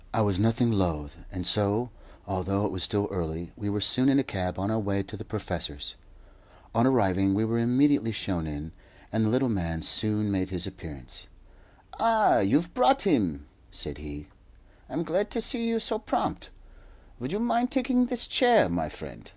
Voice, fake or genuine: genuine